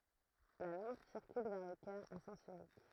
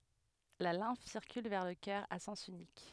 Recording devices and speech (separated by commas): throat microphone, headset microphone, read sentence